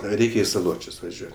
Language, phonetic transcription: Lithuanian, ˈreikia i saˈločius vaˈžiuot'

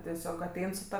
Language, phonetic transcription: Lithuanian, teˈsiog aˈtein su ˈta

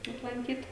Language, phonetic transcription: Lithuanian, aplanˈkyt

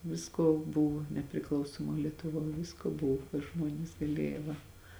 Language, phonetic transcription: Lithuanian, ˈvisko ˈbuv nepriˈklausomoj lietuˈvoj ˈvisko ˈbuv ir ˈžmuonis gaˈlėja ˈva

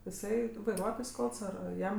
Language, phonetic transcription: Lithuanian, iˈsai vaiˈruotojs ˈkalts ar ar ˈjam

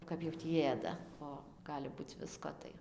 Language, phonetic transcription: Lithuanian, ˈkap jau tį ˈėda ˈo ˈgali ˈbūc ˈvisko tai

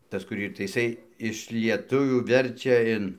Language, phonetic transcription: Lithuanian, ˈtas kur ˈyr tai iˈsai iš lieˈtuvių ˈverčia in

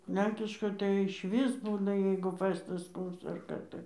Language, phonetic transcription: Lithuanian, ˈlenkiškoj tai išˈvis ˈbūna jeigu ˈfɜstas ˈkoks ar ˈką tai

